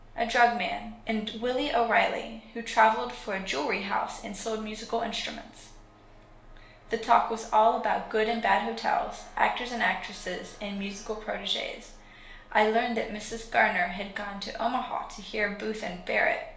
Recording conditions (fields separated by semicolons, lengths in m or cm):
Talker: one person; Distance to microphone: 1.0 m; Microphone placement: close; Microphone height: 1.1 m; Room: small (3.7 m by 2.7 m); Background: none